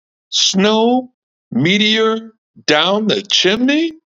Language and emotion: English, surprised